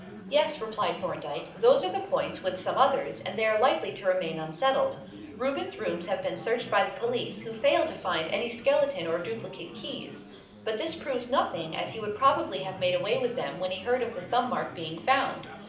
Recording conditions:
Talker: one person; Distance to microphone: 2.0 m; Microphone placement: close; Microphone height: 99 cm; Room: medium-sized (5.7 m by 4.0 m); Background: babble

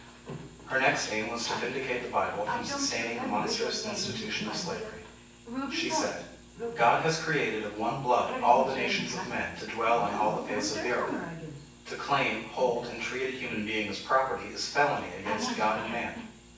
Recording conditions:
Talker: one person; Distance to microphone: 9.8 m; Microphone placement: far; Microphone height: 1.8 m; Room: large; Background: television

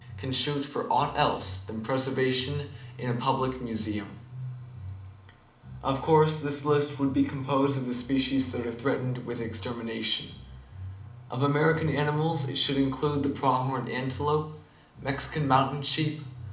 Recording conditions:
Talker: one person; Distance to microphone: 2.0 m; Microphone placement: close; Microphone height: 99 cm; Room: medium-sized (5.7 m by 4.0 m); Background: music

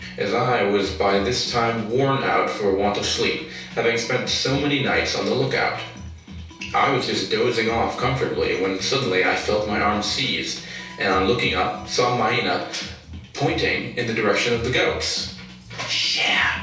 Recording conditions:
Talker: one person; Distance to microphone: 3.0 m; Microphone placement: far; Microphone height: 1.8 m; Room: small (3.7 m by 2.7 m); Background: music

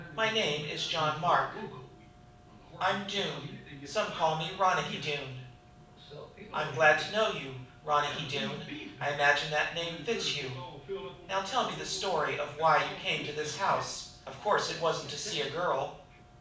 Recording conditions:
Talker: one person; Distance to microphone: 5.8 m; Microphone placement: far; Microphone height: 1.8 m; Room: medium-sized (5.7 m by 4.0 m); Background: television

